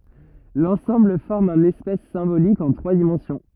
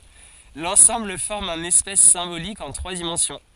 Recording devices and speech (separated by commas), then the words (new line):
rigid in-ear microphone, forehead accelerometer, read sentence
L'ensemble forme un espace symbolique en trois dimensions.